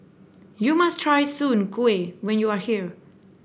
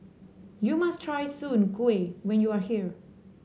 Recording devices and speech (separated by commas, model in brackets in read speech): boundary microphone (BM630), mobile phone (Samsung C7), read sentence